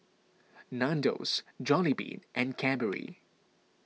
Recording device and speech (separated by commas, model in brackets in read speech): mobile phone (iPhone 6), read sentence